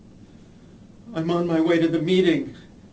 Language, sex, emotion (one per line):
English
male
fearful